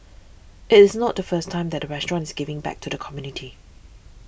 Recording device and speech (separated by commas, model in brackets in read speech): boundary microphone (BM630), read sentence